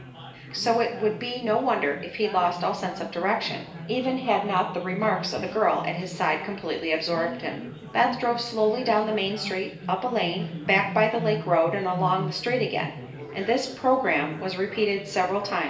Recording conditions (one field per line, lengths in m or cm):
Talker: one person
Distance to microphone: 1.8 m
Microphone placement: close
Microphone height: 1.0 m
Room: large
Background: babble